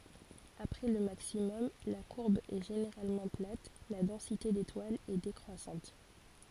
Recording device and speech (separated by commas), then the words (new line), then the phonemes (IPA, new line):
forehead accelerometer, read sentence
Après le maximum, la courbe est généralement plate, la densité d'étoiles est décroissante.
apʁɛ lə maksimɔm la kuʁb ɛ ʒeneʁalmɑ̃ plat la dɑ̃site detwalz ɛ dekʁwasɑ̃t